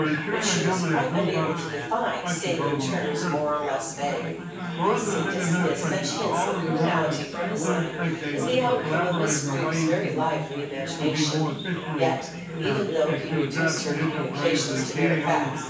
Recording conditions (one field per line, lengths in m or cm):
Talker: one person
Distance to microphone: 9.8 m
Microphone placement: far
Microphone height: 1.8 m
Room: large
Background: babble